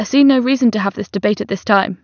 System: none